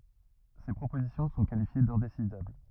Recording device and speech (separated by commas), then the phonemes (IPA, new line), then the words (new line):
rigid in-ear microphone, read sentence
se pʁopozisjɔ̃ sɔ̃ kalifje dɛ̃desidabl
Ces propositions sont qualifiées d'indécidables.